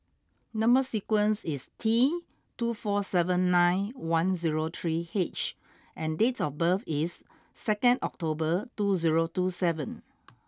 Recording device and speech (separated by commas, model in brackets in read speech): close-talking microphone (WH20), read sentence